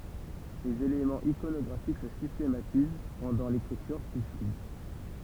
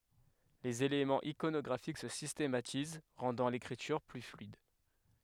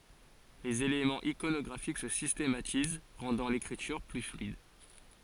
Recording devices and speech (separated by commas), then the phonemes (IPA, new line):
temple vibration pickup, headset microphone, forehead accelerometer, read sentence
lez elemɑ̃z ikonɔɡʁafik sə sistematiz ʁɑ̃dɑ̃ lekʁityʁ ply flyid